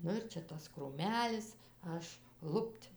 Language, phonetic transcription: Lithuanian, ˈnu ir ˈčia ˈtas krūˈmelis ˈaš ˈlupt'

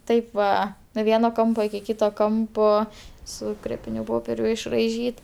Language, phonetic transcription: Lithuanian, ˈtaip va nuo ˈvieno ˈkampo iki ˈkyto ˈkampo su ˈkrėpiniu ˈpoperiu išraiˈžyt

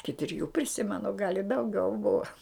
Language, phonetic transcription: Lithuanian, ˈiki triˈjų priˈsimenu gal' i dauˈgiau ˈbuva

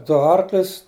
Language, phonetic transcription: Lithuanian, ˈdu ˈarklius

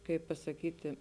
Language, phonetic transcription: Lithuanian, ˈkaip pasaˈkyti

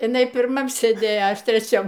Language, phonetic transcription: Lithuanian, iˈnai pirˈmam sėˈdėjo a ˈaš treˈčiam

